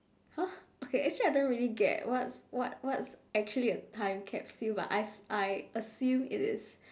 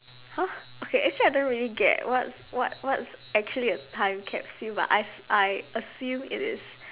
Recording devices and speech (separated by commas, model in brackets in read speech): standing microphone, telephone, conversation in separate rooms